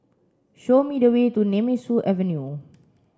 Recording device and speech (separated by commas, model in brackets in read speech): standing microphone (AKG C214), read sentence